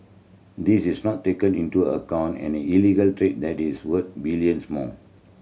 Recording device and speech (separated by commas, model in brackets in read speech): mobile phone (Samsung C7100), read sentence